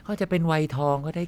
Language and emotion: Thai, frustrated